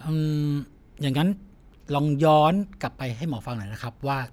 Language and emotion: Thai, frustrated